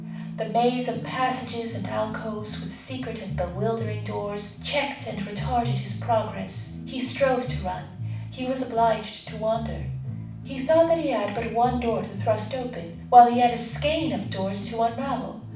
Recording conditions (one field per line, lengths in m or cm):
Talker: one person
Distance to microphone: 5.8 m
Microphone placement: far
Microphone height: 1.8 m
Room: medium-sized (5.7 m by 4.0 m)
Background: music